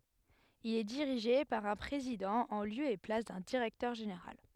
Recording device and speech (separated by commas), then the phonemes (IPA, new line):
headset microphone, read sentence
il ɛ diʁiʒe paʁ œ̃ pʁezidɑ̃ ɑ̃ ljø e plas dœ̃ diʁɛktœʁ ʒeneʁal